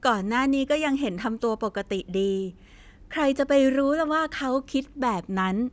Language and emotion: Thai, happy